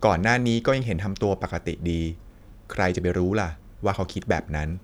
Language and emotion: Thai, neutral